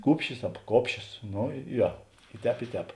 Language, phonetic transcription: Lithuanian, ˈkūpšis ab ˈkopšios ˈno ˈjo i ˈtēp i ˈtēp

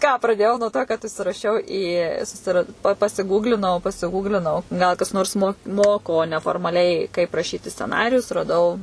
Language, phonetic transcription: Lithuanian, ką praˈdėjau nuo to kad užsiraˈšiau į susiˈrad pa pasiˈgūglinau pasiˈgūglinau gal kas ˈnors mo ˈmoko neformaˈliai kaip raˈšyti sceˈnarijus raˈdau

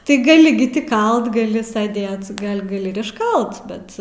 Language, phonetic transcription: Lithuanian, ti ˈgali gi ti ˈkalt gaˈli saˈdėt ˈgal' gaˈli ir išˈkalt ˈbet

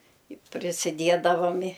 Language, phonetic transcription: Lithuanian, i prisiˈdiedavam i

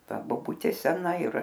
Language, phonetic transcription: Lithuanian, ˈta boˈbutė ˈsena ir

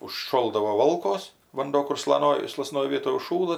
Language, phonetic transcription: Lithuanian, užˈšoldavo ˈvolkos vanˈduo kur slaˈnoj slaˈsnoj ˈvietoj užˈšųla

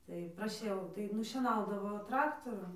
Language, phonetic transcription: Lithuanian, tai praˈšiau tai nušieˈnaudavo ˈtraktorum

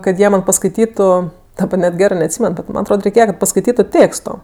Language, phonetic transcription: Lithuanian, kad ˈjie ˈman paskaiˈtytu daˈba net ˈgerɜ neatˈsymen ˈbet man atˈrod reiˈkėja kad paskaiˈtytu ˈtėksto

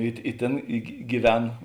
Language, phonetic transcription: Lithuanian, i i ˈtėn i gi giˈven

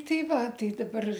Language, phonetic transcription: Lithuanian, ˈtai ˈva ˈtai daˈbar

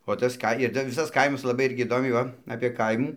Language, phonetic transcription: Lithuanian, o ˈtas ˈka ir tai ˈvisas ˈkaimas laˈbai ˈirgi įˈdomiai ˈva apė ˈkaimų

